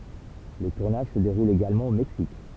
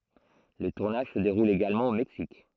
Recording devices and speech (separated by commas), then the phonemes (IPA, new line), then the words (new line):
temple vibration pickup, throat microphone, read sentence
lə tuʁnaʒ sə deʁul eɡalmɑ̃ o mɛksik
Le tournage se déroule également au Mexique.